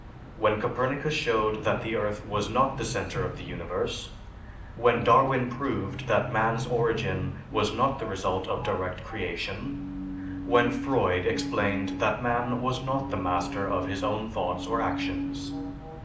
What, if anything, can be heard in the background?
A television.